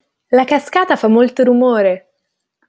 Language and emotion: Italian, happy